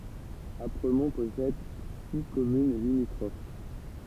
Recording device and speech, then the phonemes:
temple vibration pickup, read sentence
apʁəmɔ̃ pɔsɛd si kɔmyn limitʁof

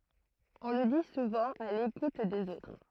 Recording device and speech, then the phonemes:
throat microphone, read sentence
ɔ̃ lə di suvɑ̃ a lekut dez otʁ

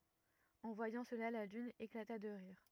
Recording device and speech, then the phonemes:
rigid in-ear microphone, read sentence
ɑ̃ vwajɑ̃ səla la lyn eklata də ʁiʁ

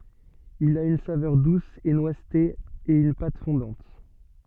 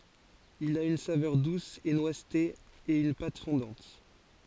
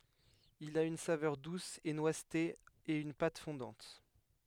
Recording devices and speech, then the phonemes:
soft in-ear microphone, forehead accelerometer, headset microphone, read sentence
il a yn savœʁ dus e nwazte e yn pat fɔ̃dɑ̃t

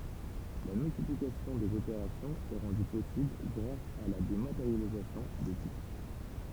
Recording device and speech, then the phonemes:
temple vibration pickup, read sentence
la myltiplikasjɔ̃ dez opeʁasjɔ̃z ɛ ʁɑ̃dy pɔsibl ɡʁas a la demateʁjalizasjɔ̃ de titʁ

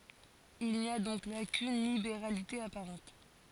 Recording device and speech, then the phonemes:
forehead accelerometer, read sentence
il ni a dɔ̃k la kyn libeʁalite apaʁɑ̃t

